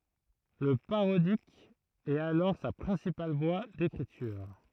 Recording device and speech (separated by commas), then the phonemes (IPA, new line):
throat microphone, read sentence
lə paʁodik ɛt alɔʁ sa pʁɛ̃sipal vwa dekʁityʁ